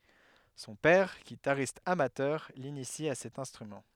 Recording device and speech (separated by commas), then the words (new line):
headset microphone, read sentence
Son père, guitariste amateur, l'initie à cet instrument.